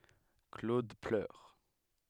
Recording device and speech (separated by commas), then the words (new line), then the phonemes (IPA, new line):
headset microphone, read sentence
Claude pleure.
klod plœʁ